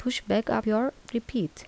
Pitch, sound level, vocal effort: 235 Hz, 77 dB SPL, soft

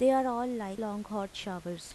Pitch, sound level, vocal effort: 210 Hz, 86 dB SPL, normal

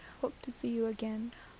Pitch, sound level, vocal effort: 230 Hz, 76 dB SPL, soft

